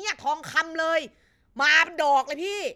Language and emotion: Thai, angry